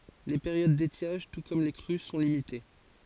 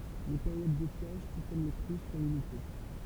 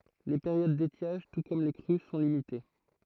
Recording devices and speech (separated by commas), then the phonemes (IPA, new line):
forehead accelerometer, temple vibration pickup, throat microphone, read sentence
le peʁjod detjaʒ tu kɔm le kʁy sɔ̃ limite